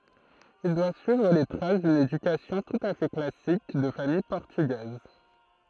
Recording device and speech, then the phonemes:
throat microphone, read sentence
il dwa syivʁ le tʁas dyn edykasjɔ̃ tut a fɛ klasik də famij pɔʁtyɡɛz

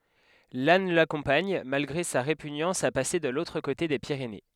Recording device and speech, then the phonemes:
headset microphone, read sentence
lan lakɔ̃paɲ malɡʁe sa ʁepyɲɑ̃s a pase də lotʁ kote de piʁene

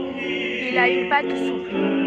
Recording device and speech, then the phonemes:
soft in-ear microphone, read sentence
il a yn pat supl

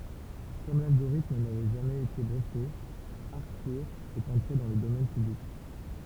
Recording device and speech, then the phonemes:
temple vibration pickup, read sentence
kɔm lalɡoʁitm navɛ ʒamɛz ete bʁəvte aʁkfuʁ ɛt ɑ̃tʁe dɑ̃ lə domɛn pyblik

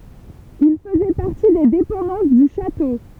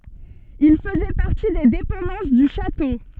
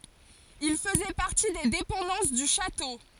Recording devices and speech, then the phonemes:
temple vibration pickup, soft in-ear microphone, forehead accelerometer, read sentence
il fəzɛ paʁti de depɑ̃dɑ̃s dy ʃato

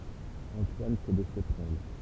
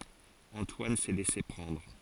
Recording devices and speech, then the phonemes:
temple vibration pickup, forehead accelerometer, read sentence
ɑ̃twan sɛ lɛse pʁɑ̃dʁ

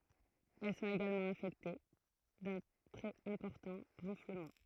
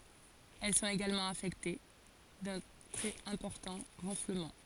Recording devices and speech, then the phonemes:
throat microphone, forehead accelerometer, read sentence
ɛl sɔ̃t eɡalmɑ̃ afɛkte dœ̃ tʁɛz ɛ̃pɔʁtɑ̃ ʁɑ̃fləmɑ̃

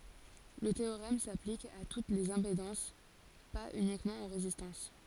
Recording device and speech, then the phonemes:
forehead accelerometer, read sentence
lə teoʁɛm saplik a tut lez ɛ̃pedɑ̃s paz ynikmɑ̃ o ʁezistɑ̃s

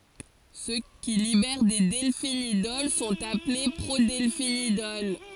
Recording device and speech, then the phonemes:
forehead accelerometer, read sentence
sø ki libɛʁ de dɛlfinidɔl sɔ̃t aple pʁodɛlfinidɔl

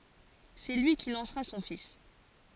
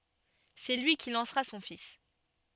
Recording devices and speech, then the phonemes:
forehead accelerometer, soft in-ear microphone, read sentence
sɛ lyi ki lɑ̃sʁa sɔ̃ fis

